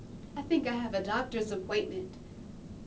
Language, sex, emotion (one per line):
English
female
neutral